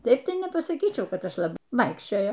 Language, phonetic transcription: Lithuanian, ˈtaip ˈtai nepasaˈkyčiau ˈkad ˈaš laˈbai ˈvaikščiojo

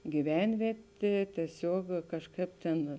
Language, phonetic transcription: Lithuanian, gyˈvenvietė tieˈsiuog kažˈkaip tėn

